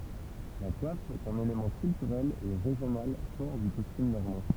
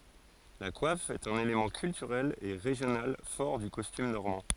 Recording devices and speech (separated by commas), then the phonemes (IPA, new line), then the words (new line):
temple vibration pickup, forehead accelerometer, read sentence
la kwaf ɛt œ̃n elemɑ̃ kyltyʁɛl e ʁeʒjonal fɔʁ dy kɔstym nɔʁmɑ̃
La coiffe est un élément culturel et régional fort du costume normand.